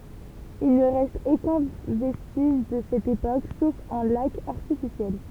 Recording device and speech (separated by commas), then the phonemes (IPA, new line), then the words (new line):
temple vibration pickup, read sentence
il nə ʁɛst okœ̃ vɛstiʒ də sɛt epok sof œ̃ lak aʁtifisjɛl
Il ne reste aucun vestige de cette époque, sauf un lac artificiel.